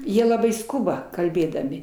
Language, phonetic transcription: Lithuanian, ˈjie laˈbai ˈskuba kalˈbėdami

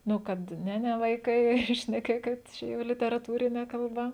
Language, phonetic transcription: Lithuanian, ˈnu ˈkad ˈne ˈne vaiˈkai šneˈkėkit ˈčia jau literaˈtūrine kalˈba

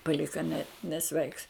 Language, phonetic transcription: Lithuanian, paˈlika ne neˈsveiks

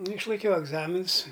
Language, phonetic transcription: Lithuanian, nu išlaiˈkiau egˈzaminus

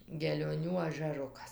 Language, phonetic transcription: Lithuanian, gelioˈnių ažæˈrukas

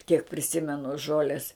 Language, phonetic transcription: Lithuanian, kiek priˈsimenu ˈžolės

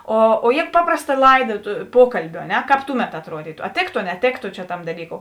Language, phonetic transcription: Lithuanian, o o jė ˈpaprasˌta ˈlaiˌda tu ˈpuokalbiu a ˈne ˈkāp ˈtuˌmet atˈruodytu a ˈtėktu a neˈtėktu čia ˈtam daˈlyˌkou

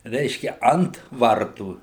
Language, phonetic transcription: Lithuanian, ˈreiškia ˈant ˈvartų

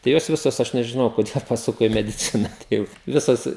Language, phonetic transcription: Lithuanian, tai ˈjos ˈvisos ˈaš nežiˈnau koˈdėl paˈsuko į mediˈcina ˈteip ˈvisas

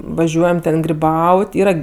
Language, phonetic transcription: Lithuanian, vaˈžiuojam ˈten griˈbaut' ˈyra

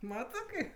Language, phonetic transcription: Lithuanian, ˈmatɜ ˈkaip

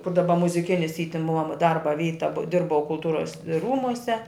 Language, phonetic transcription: Lithuanian, kur daˈba muziˈkinis y tin ˈmua ˈdarba ˈvyta bu ˈdirbau kulˈtūras ˈrūmuse

